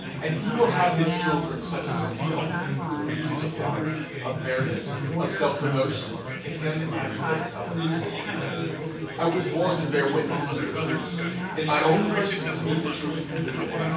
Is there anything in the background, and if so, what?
Crowd babble.